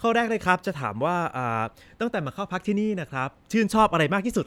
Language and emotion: Thai, happy